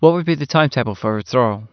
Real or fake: real